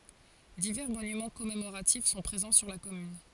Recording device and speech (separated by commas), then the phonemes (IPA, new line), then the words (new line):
forehead accelerometer, read sentence
divɛʁ monymɑ̃ kɔmemoʁatif sɔ̃ pʁezɑ̃ syʁ la kɔmyn
Divers monuments commémoratifs sont présents sur la commune.